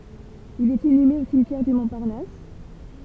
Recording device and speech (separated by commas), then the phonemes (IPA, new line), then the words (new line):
temple vibration pickup, read sentence
il ɛt inyme o simtjɛʁ dy mɔ̃paʁnas
Il est inhumé au cimetière du Montparnasse.